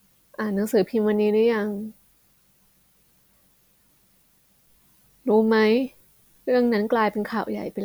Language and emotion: Thai, sad